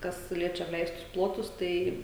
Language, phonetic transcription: Lithuanian, ˈkas ˈliečia apˈleistus ˈplotus ˈtai

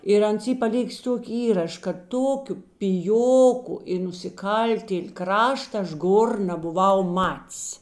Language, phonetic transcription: Lithuanian, ir ˈans ˈy paˈlikis ˈtuoki ˈįraš kad ˈtokiu piˈjoku i nusiˈkaltėl' ˈkrašta ˈaš ˈgor nabuˈvau ˈmat's

